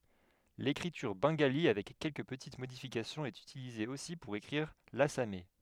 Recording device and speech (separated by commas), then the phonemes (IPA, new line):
headset microphone, read sentence
lekʁityʁ bɑ̃ɡali avɛk kɛlkə pətit modifikasjɔ̃z ɛt ytilize osi puʁ ekʁiʁ lasamɛ